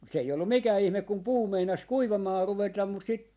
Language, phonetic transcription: Finnish, mut 'se ei ollum "mikää "ihmek kum "puu meinas "kuivamaa 'ruvetam mut sit , .
- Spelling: mutta se ei ollut mikään ihme kun puu meinasi kuivamaan ruveta mutta sitten

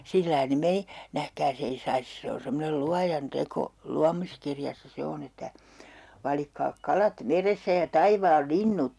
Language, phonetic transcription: Finnish, 'sillai ne 'meni , 'nähkää's ‿ei sais , 'se on semmonel 'Luajan "teko , 'luamiskirjassa 'se on ‿että , » 'valikkaa "kalat "verestä ja "taivaal "linnut » .
- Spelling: sillä lailla ne meni nähkääs ei saisi se on semmoinen Luojan teko luomiskirjassa se on että valitkaa kalat vedestä ja taivaan linnut

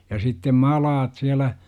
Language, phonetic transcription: Finnish, ja sittem "malaat 'siälä , .
- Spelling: ja sitten maalattia siellä

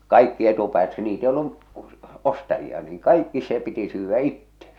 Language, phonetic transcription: Finnish, 'kaikki etupäät niit ‿ei ollu , 'ostajia niiŋ "kaikki 'se piti syyvvä "itte .
- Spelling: kaikki etupäät niitä ei ollut ostajia niin kaikki se piti syödä itse

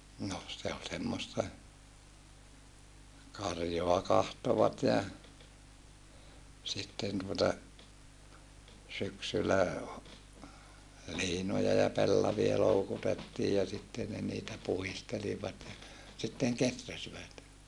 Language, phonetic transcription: Finnish, noh se ol semmosta , karjoa kahtovat ja , sitten tuota , syksylä , ha- , liinoja ja pellavia loukutettii ja sitte ne niitä puhistelivat ja , sitteŋ keträsivät .
- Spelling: no se oli semmoista karjaa katsoivat ja sitten tuota syksyllä - liinoja ja pellavia loukutettiin ja sitten ne niitä puhdistelivat ja sitten kehräsivät

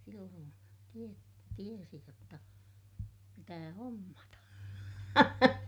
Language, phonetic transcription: Finnish, silloon tie- , tiesi jotta , pitää hommata .
- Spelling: silloin - tiesi jotta pitää hommata

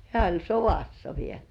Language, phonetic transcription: Finnish, hĕä̀ oĺ "sovassa viel .
- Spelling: hän oli sodassa vielä

